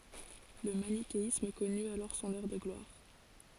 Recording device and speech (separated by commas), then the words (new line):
forehead accelerometer, read sentence
Le manichéisme connut alors son heure de gloire.